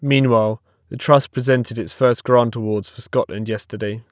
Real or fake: real